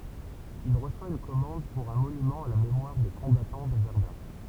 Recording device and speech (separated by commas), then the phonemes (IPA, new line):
temple vibration pickup, read sentence
il ʁəswa yn kɔmɑ̃d puʁ œ̃ monymɑ̃ a la memwaʁ de kɔ̃batɑ̃ də vɛʁdœ̃